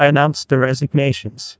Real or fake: fake